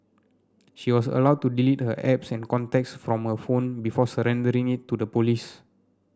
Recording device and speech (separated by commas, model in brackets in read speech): standing microphone (AKG C214), read sentence